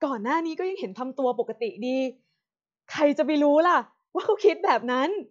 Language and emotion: Thai, happy